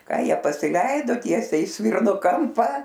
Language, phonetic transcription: Lithuanian, ˈką ˈjie pasiˈleido ˈtiesiai i ˈsvirno ˈkampa

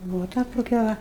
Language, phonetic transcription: Lithuanian, ˈbuvo ˈta toˈkia ˈva

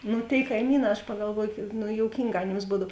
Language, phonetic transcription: Lithuanian, ˈnu tėi kaiˈmyˌnā aš pagalˈvuoju kyk ˈnu jouˈkynˌgā aˈnėms ˈbūdav

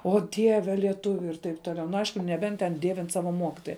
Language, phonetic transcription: Lithuanian, o ˈdieve lieˈtuviu ir taip ˈtoˌliau nu ˈaišku neˈbent ten ˈdievin ˈsava ˈmokitoja

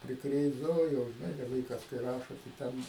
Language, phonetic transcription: Lithuanian, priˈkrėsdavo ˈjo žiˈnai da ˈvaikas kai ˈrašo tai ˈten

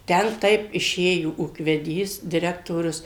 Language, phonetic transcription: Lithuanian, ˈten ˈtaip iˈšėjo ūkveˈdys diˈrektorius

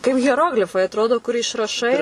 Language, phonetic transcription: Lithuanian, kaip hieˈroglifai atˈrodo kur išraˈšai

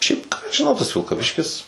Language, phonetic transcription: Lithuanian, ˈšiaip ką aš žiˈnau tas vilkaˈviškis

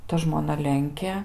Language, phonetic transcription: Lithuanian, ˈta žmoˈna ˈlenkė

